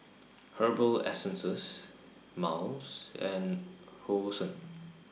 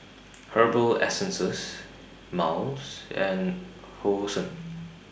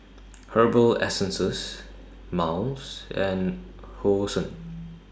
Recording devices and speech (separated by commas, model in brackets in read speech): mobile phone (iPhone 6), boundary microphone (BM630), standing microphone (AKG C214), read sentence